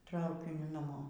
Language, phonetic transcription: Lithuanian, ˈtraukiniu naˈmo

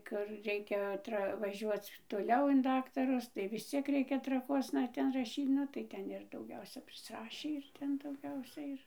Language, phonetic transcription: Lithuanian, ˈkur ˈreikia ˈtra vaˈžiuoc toˈliau in ˈdaktarus tai vis ˈciek ˈreikia traˈkuosna ˈten raˈšyt ˈnu tai ˈten ir dauˈgiausia prisˈrašį ir ˈten dauˈgiausia ir

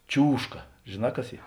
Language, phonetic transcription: Lithuanian, ˈčiūžka žėˈnā ˈkas ˈy

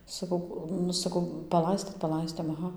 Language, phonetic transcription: Lithuanian, saˈkau ˈnu saˈkau paˈlaistėt paˈlaistėm aˈha

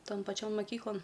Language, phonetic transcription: Lithuanian, ˈton paˈčion maˈkyklon

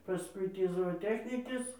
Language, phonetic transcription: Lithuanian, paˈskui ˈtį zooˈtechnikės

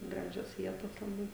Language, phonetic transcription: Lithuanian, ˈgražios ˈvietos laˈbai

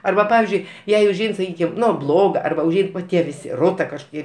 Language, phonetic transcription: Lithuanian, ˈarba ˈpavizdžiui ˈjai užˈein saˈkykim ˈnu ˈbloga arˈba užˈein va ˈtie viˈsi ˈrota kažkoˈkie

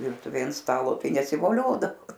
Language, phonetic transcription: Lithuanian, ˈvirtuvėj ant ˈstalo ˈtai nesivoˈliodavo

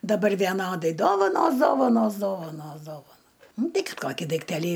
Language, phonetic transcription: Lithuanian, daˈbar vieˈnodai ˈdovanos ˈdovanos ˈdovanos ˈdovano ˈnu ˈtai ˈkad ˈkokį daikˈtelį

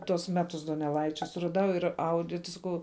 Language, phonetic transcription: Lithuanian, tuos ˈmetus doneˈlaičia suraˈdau ir ˈaudi ti saˈkau

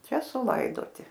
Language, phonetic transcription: Lithuanian, ˈčia suˈlaidoti

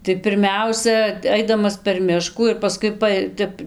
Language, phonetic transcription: Lithuanian, tai pirˈmiausia ˈaidamas per ˈmiškų ir paˈskui ˈpaj ˈtep

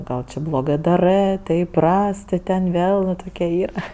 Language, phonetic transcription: Lithuanian, ˈgal či bloˈgɜ daˈrɜ tai iˈpras ti ten ˈvėl va ˈtoke ˈyra

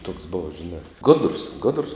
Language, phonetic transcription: Lithuanian, toks ˈbova žiˈnā ˈgodrus ˈgodrus

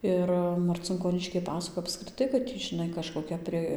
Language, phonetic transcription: Lithuanian, ˈir marcinkoˈniškiai ˈpasakoj apskriˈtai kad iˈ tį žiˈnai kažkoˈkia pri

